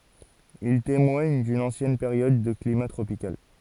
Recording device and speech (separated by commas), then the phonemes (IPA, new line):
forehead accelerometer, read sentence
il temwaɲ dyn ɑ̃sjɛn peʁjɔd də klima tʁopikal